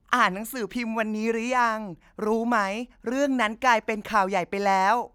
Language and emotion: Thai, neutral